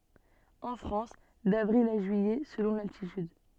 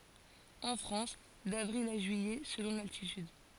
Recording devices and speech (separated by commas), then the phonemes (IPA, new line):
soft in-ear microphone, forehead accelerometer, read sentence
ɑ̃ fʁɑ̃s davʁil a ʒyijɛ səlɔ̃ laltityd